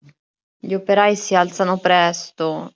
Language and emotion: Italian, sad